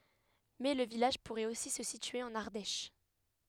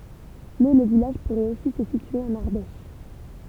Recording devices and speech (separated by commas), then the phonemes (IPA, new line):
headset microphone, temple vibration pickup, read sentence
mɛ lə vilaʒ puʁɛt osi sə sitye ɑ̃n aʁdɛʃ